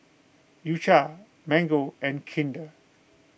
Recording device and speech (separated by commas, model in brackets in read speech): boundary microphone (BM630), read sentence